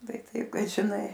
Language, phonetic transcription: Lithuanian, ˈtai ˈtaip kad žiˈnai

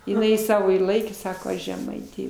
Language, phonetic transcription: Lithuanian, iˈnai ˈsavo ir ˈlaikė ˈsako ˈaš žeˈmaitė

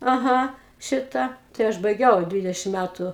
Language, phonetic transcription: Lithuanian, aˈha ˈšita tai ˈaš baiˈgiau ˈdvidešim ˈmætu

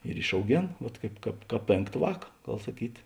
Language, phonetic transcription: Lithuanian, ir išauˈgėn ˈvat ˈkaip ˈkāp ˈkāp ˈpėnkt ˈvāk ˈgal saˈkyt

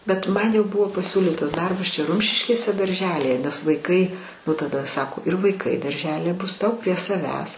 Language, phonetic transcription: Lithuanian, bet ˈman jau ˈbuvo paˈsiūlytas ˈdarbas ˈčia ˈrumšiškėse darˈželije nes vaiˈkai nu taˈda ˈsako ir vaiˈkai darˈželije ˈbus ˈtau prie saˈvęs

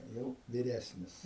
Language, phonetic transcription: Lithuanian, jau viˈresnis

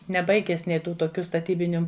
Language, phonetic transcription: Lithuanian, neˈbaiges ˈnė ˈtų toˈkiu staˈtybiniu

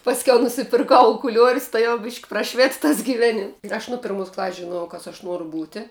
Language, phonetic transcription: Lithuanian, pasˈkiau nusipirˈkau ukuˈliuorius tai jau bišk' praˈšvit tas givˈenim ir ˈaš nu ˈpirmus klas's' žiˈnuojau ˈkas aš ˈnuoru ˈbūti

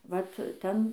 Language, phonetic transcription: Lithuanian, ˈvat ˈten

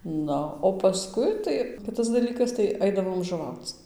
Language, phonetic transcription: Lithuanian, ˈnu o paˈskui ˈtai ˈkitas daˈlykas tai ˈaidavom žuˈvauc

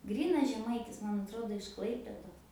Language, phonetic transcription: Lithuanian, ˈgrynas žeˈmaitis ˈman atˈrodo iš ˈklaipėdos

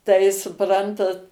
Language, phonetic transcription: Lithuanian, tai suˈprantat

